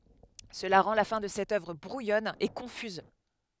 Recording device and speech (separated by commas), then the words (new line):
headset microphone, read sentence
Cela rend la fin de cette œuvre brouillonne et confuse.